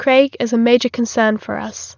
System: none